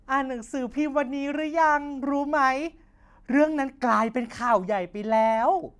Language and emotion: Thai, happy